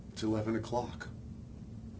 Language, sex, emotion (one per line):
English
male
neutral